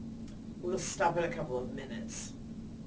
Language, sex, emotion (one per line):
English
female
neutral